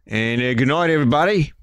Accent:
Australian accent